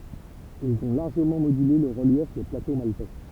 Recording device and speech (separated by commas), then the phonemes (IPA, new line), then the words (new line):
temple vibration pickup, read sentence
ilz ɔ̃ laʁʒəmɑ̃ modyle lə ʁəljɛf de plato maltɛ
Ils ont largement modulé le relief des plateaux maltais.